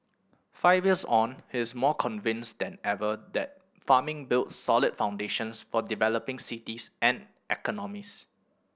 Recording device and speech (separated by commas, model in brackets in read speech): boundary microphone (BM630), read sentence